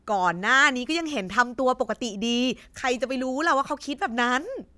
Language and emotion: Thai, angry